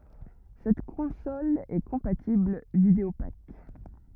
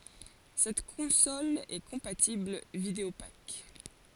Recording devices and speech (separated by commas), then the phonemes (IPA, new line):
rigid in-ear microphone, forehead accelerometer, read sentence
sɛt kɔ̃sɔl ɛ kɔ̃patibl vidəopak